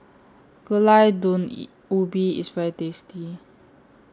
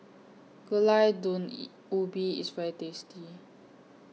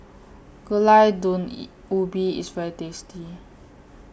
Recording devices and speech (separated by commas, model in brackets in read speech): standing microphone (AKG C214), mobile phone (iPhone 6), boundary microphone (BM630), read sentence